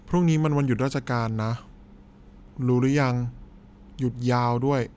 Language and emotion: Thai, frustrated